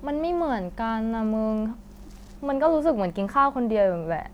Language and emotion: Thai, frustrated